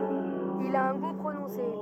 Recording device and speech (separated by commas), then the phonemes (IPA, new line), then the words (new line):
rigid in-ear microphone, read sentence
il a œ̃ ɡu pʁonɔ̃se
Il a un goût prononcé.